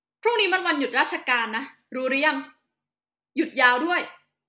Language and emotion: Thai, angry